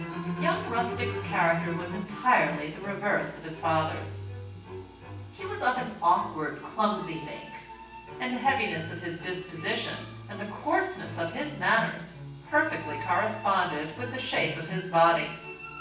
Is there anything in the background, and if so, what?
Music.